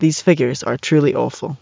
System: none